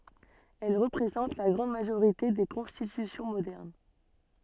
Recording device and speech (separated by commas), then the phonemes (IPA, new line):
soft in-ear microphone, read sentence
ɛl ʁəpʁezɑ̃t la ɡʁɑ̃d maʒoʁite de kɔ̃stitysjɔ̃ modɛʁn